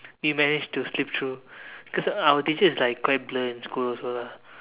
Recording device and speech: telephone, conversation in separate rooms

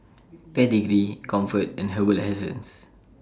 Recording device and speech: standing microphone (AKG C214), read sentence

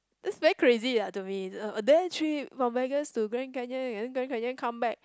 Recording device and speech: close-talking microphone, conversation in the same room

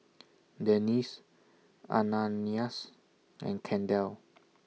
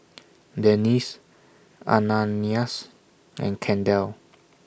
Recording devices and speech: mobile phone (iPhone 6), boundary microphone (BM630), read sentence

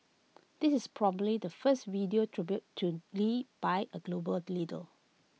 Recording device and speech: mobile phone (iPhone 6), read sentence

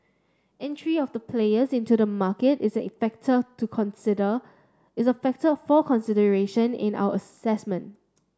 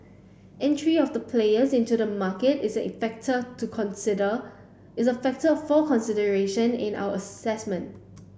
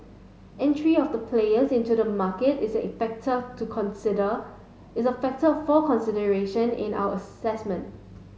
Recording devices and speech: standing microphone (AKG C214), boundary microphone (BM630), mobile phone (Samsung S8), read sentence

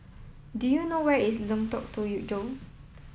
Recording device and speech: mobile phone (iPhone 7), read sentence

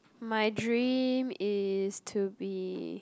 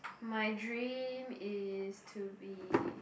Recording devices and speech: close-talking microphone, boundary microphone, conversation in the same room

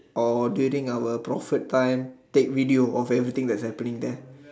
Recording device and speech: standing microphone, conversation in separate rooms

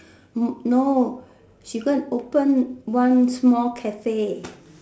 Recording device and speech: standing microphone, conversation in separate rooms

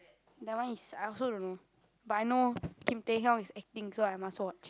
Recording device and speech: close-talking microphone, conversation in the same room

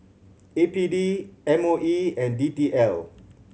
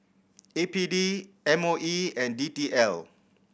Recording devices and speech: mobile phone (Samsung C7100), boundary microphone (BM630), read sentence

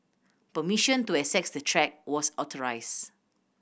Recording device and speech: boundary microphone (BM630), read sentence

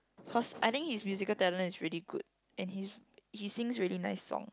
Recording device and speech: close-talking microphone, conversation in the same room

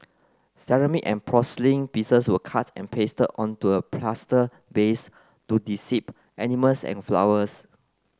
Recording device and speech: close-talking microphone (WH30), read sentence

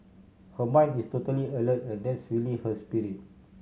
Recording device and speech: mobile phone (Samsung C7100), read sentence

